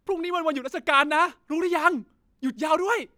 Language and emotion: Thai, happy